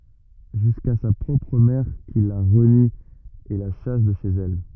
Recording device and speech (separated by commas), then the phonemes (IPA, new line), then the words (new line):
rigid in-ear microphone, read sentence
ʒyska sa pʁɔpʁ mɛʁ ki la ʁəni e la ʃas də ʃez ɛl
Jusqu'à sa propre mère qui la renie et la chasse de chez elle.